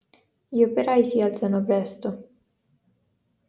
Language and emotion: Italian, neutral